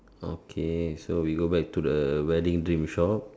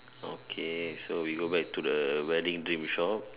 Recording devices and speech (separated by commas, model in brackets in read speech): standing microphone, telephone, conversation in separate rooms